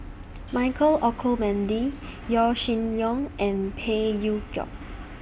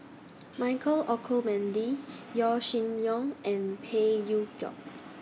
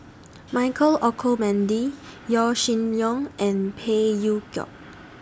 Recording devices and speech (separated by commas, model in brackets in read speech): boundary microphone (BM630), mobile phone (iPhone 6), standing microphone (AKG C214), read sentence